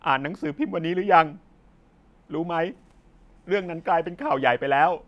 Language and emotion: Thai, sad